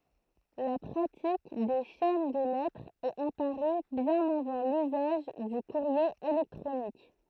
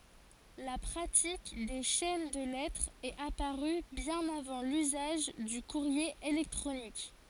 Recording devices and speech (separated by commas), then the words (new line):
throat microphone, forehead accelerometer, read sentence
La pratique des chaînes de lettres est apparue bien avant l'usage du courrier électronique.